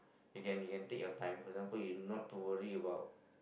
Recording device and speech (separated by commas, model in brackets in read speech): boundary microphone, conversation in the same room